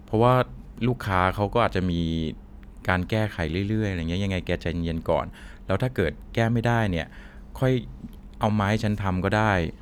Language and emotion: Thai, neutral